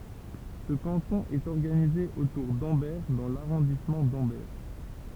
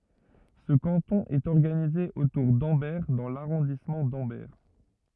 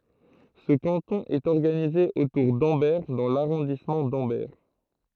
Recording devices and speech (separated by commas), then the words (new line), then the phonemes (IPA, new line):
temple vibration pickup, rigid in-ear microphone, throat microphone, read sentence
Ce canton est organisé autour d'Ambert dans l'arrondissement d'Ambert.
sə kɑ̃tɔ̃ ɛt ɔʁɡanize otuʁ dɑ̃bɛʁ dɑ̃ laʁɔ̃dismɑ̃ dɑ̃bɛʁ